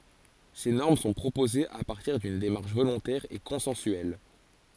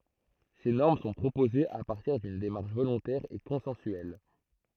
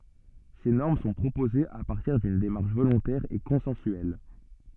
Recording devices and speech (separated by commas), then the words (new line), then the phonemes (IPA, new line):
forehead accelerometer, throat microphone, soft in-ear microphone, read sentence
Ces normes sont proposées à partir d’une démarche volontaire et consensuelle.
se nɔʁm sɔ̃ pʁopozez a paʁtiʁ dyn demaʁʃ volɔ̃tɛʁ e kɔ̃sɑ̃syɛl